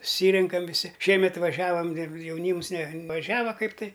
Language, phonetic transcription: Lithuanian, suˈsyrenkam viˈsi ˈšiemet vaˈžiavam jauˈnyms nevaˈžiava ˈkaip tai

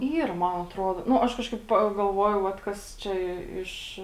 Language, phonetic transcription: Lithuanian, ˈyr ˈman atˈruodo ˈnu ˈaš ˈkažkaip pagalˈvuojau ˈvat kas ˈčia ˈiš

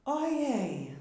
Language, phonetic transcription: Lithuanian, oˈjei

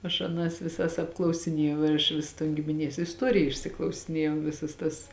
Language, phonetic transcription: Lithuanian, aš aˈnas viˈsas apklausiˈniejau ir aš ˈvis ton gimiˈnies isˈtuorija išsiklausiˈniejau ˈvisas tas

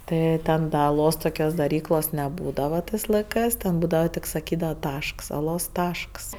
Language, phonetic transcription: Lithuanian, ˈtɜ ten da aˈlos toˈkios daˈryklos neˈbūdava ˈtɜs laiˈkˈɜs ˈten ˈbūdava ˈtik saˈkydava ˈtašks aˈlos ˈtašks

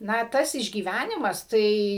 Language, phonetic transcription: Lithuanian, ˈna ˈtas išgyˈvænimas ˈtai

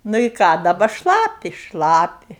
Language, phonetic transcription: Lithuanian, nu i ˈką daˈba ˈšlapi ˈšlapi

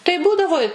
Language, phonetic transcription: Lithuanian, tai ˈbūdavo i

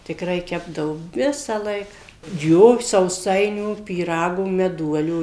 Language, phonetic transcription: Lithuanian, tikˈrai ˈkepdavo ˈvisąlaik ˈjo sauˈsainių pyˈragų meˈduolių

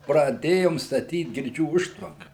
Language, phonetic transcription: Lithuanian, praˈdėjom staˈtyt girˈdžių ˈužtvanka

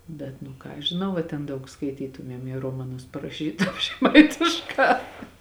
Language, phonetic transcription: Lithuanian, ˈbet nu ˈką aš žiˈnau a ten ˈdaug skaiˈtytumiem jė ˈromaˌnus paraˈšytum žeˈmaitišˌkā

